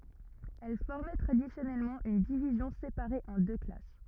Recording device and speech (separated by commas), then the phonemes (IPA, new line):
rigid in-ear microphone, read sentence
ɛl fɔʁmɛ tʁadisjɔnɛlmɑ̃ yn divizjɔ̃ sepaʁe ɑ̃ dø klas